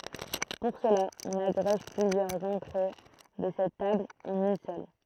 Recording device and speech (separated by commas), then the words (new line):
throat microphone, read sentence
Pour cela, on agrège plusieurs entrées de cette table en une seule.